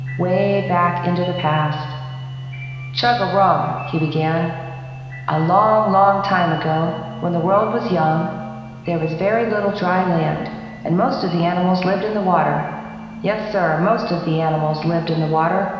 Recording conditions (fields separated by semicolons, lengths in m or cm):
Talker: one person; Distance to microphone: 1.7 m; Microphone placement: close; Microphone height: 1.0 m; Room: very reverberant, large; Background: music